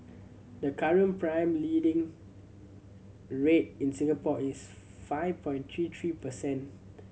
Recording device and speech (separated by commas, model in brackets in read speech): mobile phone (Samsung C7100), read sentence